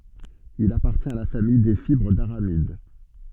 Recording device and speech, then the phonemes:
soft in-ear microphone, read sentence
il apaʁtjɛ̃t a la famij de fibʁ daʁamid

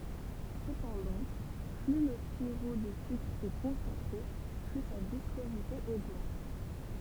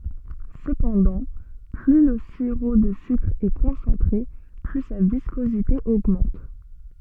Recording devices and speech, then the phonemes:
temple vibration pickup, soft in-ear microphone, read sentence
səpɑ̃dɑ̃ ply lə siʁo də sykʁ ɛ kɔ̃sɑ̃tʁe ply sa viskozite oɡmɑ̃t

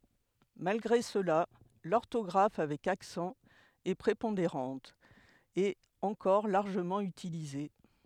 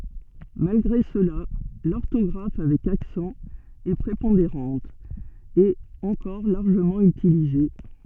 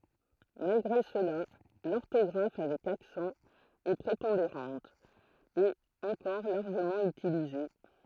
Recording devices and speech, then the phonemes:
headset microphone, soft in-ear microphone, throat microphone, read sentence
malɡʁe səla lɔʁtɔɡʁaf avɛk aksɑ̃ ɛ pʁepɔ̃deʁɑ̃t e ɑ̃kɔʁ laʁʒəmɑ̃ ytilize

